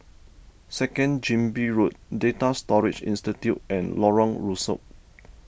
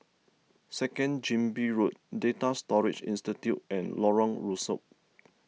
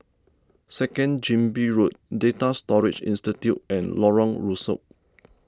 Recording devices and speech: boundary microphone (BM630), mobile phone (iPhone 6), standing microphone (AKG C214), read sentence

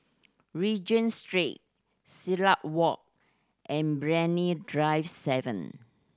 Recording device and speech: standing microphone (AKG C214), read sentence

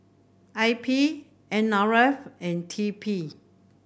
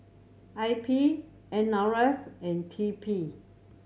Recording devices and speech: boundary microphone (BM630), mobile phone (Samsung C7100), read sentence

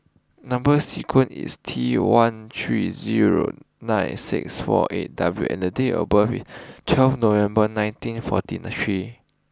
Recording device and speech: close-talking microphone (WH20), read sentence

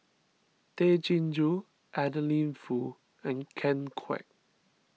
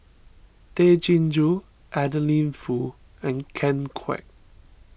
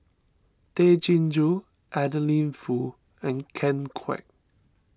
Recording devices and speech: mobile phone (iPhone 6), boundary microphone (BM630), standing microphone (AKG C214), read sentence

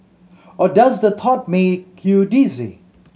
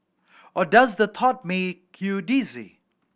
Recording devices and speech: mobile phone (Samsung C7100), boundary microphone (BM630), read sentence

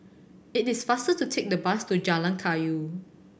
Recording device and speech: boundary microphone (BM630), read sentence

